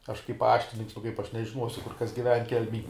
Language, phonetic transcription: Lithuanian, ˈaš kaip ˈpaštininks nu kaip ˈaš nežiˈnuosiu ˈkur ˈkas giˈven ˈkelmej

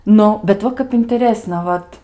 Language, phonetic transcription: Lithuanian, ˈnu bet ˈva kap inteˈrėsna ˈvat

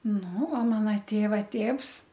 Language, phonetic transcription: Lithuanian, nu o ˈmana ˈtėva ˈtėvs

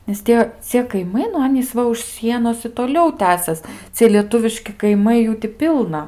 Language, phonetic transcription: Lithuanian, nes ˈtie ˈcie kaiˈmai nu ˈanys ˈva už ˈsienos i toˈliau ˈtęsias ˈcie lieˈtuviški kaiˈmai ˈjų ti ˈpilna

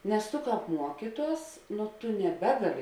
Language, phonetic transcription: Lithuanian, nes tu ˈkāp ˈmuokyˌtuos nu ˈtu neˈbegaˌli

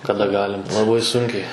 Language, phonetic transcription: Lithuanian, kaˈda ˈgalim laˈbai ˈsunkiai

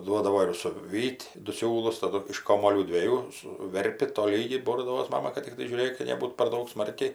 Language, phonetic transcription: Lithuanian, ˈduodavo ir suˈvyt' du ˈsiūlus taˈdu iš ˈkomuolių dvieˈjų suˈverpi toˈlygiai ˈbordavos ˈmama kad tikˈtai žiūˈrėk ka neˈbūt par ˈdaug ˈsmarkiai

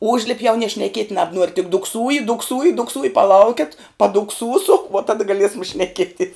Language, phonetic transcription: Lithuanian, ˈužlip' jau nie šneˈkiet' nabˈnuor' tik dukˈsūji dukˈsūji dukˈsūji paˈlaukiat padukˈsūsu vuo ˈtada gaˈliesam šneˈkieties

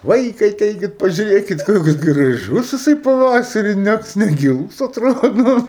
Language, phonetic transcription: Lithuanian, ˈvaikai aˈteikit pažiuˈrėkit ˈkoks graˈžus jiˈsai paˈvasari ˈnæt negiˈlūs atˈrodo

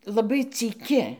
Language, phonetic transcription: Lithuanian, laˈbai cyˈki

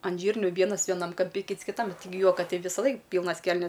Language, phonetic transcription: Lithuanian, an ˈžyrniu ˈvienas vieˈnam kamˈpi ˈkyts kiˈtam tiˈgi ˈjuoka ˈtei vysaˈlaik ˈpylnas ˈkelnes

